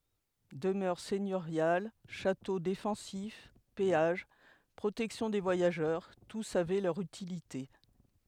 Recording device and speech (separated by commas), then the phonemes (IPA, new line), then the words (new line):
headset microphone, read sentence
dəmœʁ sɛɲøʁjal ʃato defɑ̃sif peaʒ pʁotɛksjɔ̃ de vwajaʒœʁ tus avɛ lœʁ ytilite
Demeures seigneuriales, châteaux défensifs, péages, protection des voyageurs, tous avaient leur utilité.